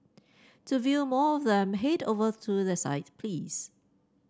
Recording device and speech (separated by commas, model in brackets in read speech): standing microphone (AKG C214), read sentence